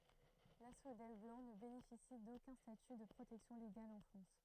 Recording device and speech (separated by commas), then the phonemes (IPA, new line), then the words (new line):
throat microphone, read sentence
lasfodɛl blɑ̃ nə benefisi dokœ̃ staty də pʁotɛksjɔ̃ leɡal ɑ̃ fʁɑ̃s
L'asphodèle blanc ne bénéficie d'aucun statut de protection légale en France.